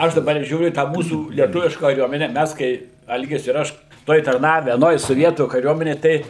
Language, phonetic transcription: Lithuanian, ˈaš daˈbar ˈžiūriu į ˈtą ˈmūsų lieˈtuviška kaˈriuomene ˈmæs kai ˈalgis ir ˈaš ˈtoj tarˈnave aˈnoj soˈvietų kaˈriuomenėj ˈtai

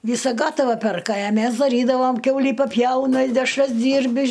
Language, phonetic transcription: Lithuanian, ˈvysa ˈgatava ˈperka a ˈmes daˈrydavam ˈkiaulį paˈpjauna i dešˈras ˈdyrbi

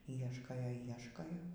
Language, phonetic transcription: Lithuanian, ˈieškojo ˈieškojo

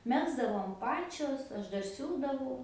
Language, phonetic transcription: Lithuanian, ˈmegzdavom ˈpačios ˈaš ˈdar ˈsiūdavau

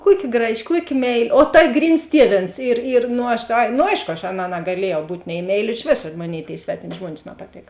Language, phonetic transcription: Lithuanian, ˈkuoˌki ˈgraˌži ˈkuoˌki ˈmeiˌli o ta ˈgryns ˈtieˌvėns ir ir no ˈaš ai no ˈaiško aš ˈaˌnā nagaˈliejau ˈbūt' nei ˈmeiˌli iš ˈvėsa ˈmoˌnėi tėi ˈsvetimi ˈžmuonis napaˈtėk

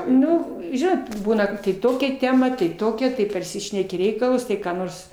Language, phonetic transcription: Lithuanian, ˈnu ˈžinot ˈbūna kad tai ˈtokia ˈtema tai ˈtokia tai parˈsišneki ˈreikalus ˈtai ką ˈnors

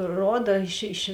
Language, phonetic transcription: Lithuanian, ˈroda iš iš

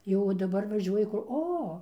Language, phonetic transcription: Lithuanian, ˈjo daˈbar vaˈžiuoji ˈkur ˈo

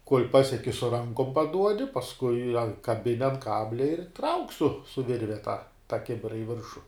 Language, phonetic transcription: Lithuanian, kol' ˈpasieki su ˈrankom paˈduodi pasˈkui a kaˈbini an ˈkablia ir trauk' su su ˈvirve tą ta ˈkibira i ˈviršu

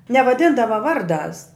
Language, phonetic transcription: Lithuanian, nevaˈdindava ˈvarˌdās

